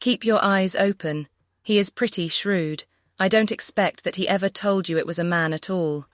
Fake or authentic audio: fake